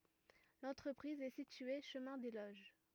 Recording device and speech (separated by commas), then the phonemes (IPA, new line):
rigid in-ear microphone, read sentence
lɑ̃tʁəpʁiz ɛ sitye ʃəmɛ̃ de loʒ